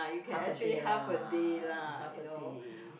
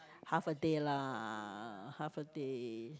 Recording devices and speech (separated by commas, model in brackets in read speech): boundary microphone, close-talking microphone, conversation in the same room